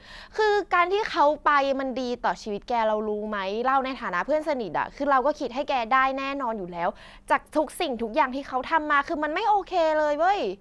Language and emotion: Thai, angry